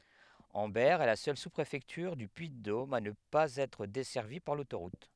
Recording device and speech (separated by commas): headset microphone, read sentence